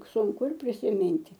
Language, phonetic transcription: Lithuanian, sunˈku ir prisiˈminti

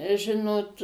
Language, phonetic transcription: Lithuanian, ˈžinot

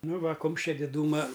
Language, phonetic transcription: Lithuanian, ˈnu ˈva ˈkumščia diˈdūma

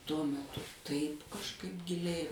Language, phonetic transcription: Lithuanian, tuo meˈtu ˈtaip kažˈkaip giˈliai

